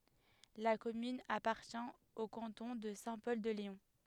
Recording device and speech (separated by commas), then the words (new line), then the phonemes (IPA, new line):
headset microphone, read sentence
La commune appartient au canton de Saint-Pol-de-Léon.
la kɔmyn apaʁtjɛ̃ o kɑ̃tɔ̃ də sɛ̃ pɔl də leɔ̃